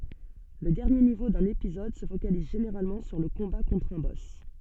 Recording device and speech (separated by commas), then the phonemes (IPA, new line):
soft in-ear microphone, read sentence
lə dɛʁnje nivo dœ̃n epizɔd sə fokaliz ʒeneʁalmɑ̃ syʁ lə kɔ̃ba kɔ̃tʁ œ̃ bɔs